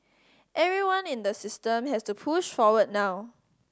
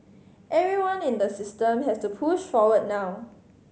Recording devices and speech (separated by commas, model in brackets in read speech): standing microphone (AKG C214), mobile phone (Samsung C5010), read sentence